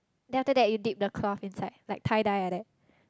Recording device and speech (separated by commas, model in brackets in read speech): close-talking microphone, conversation in the same room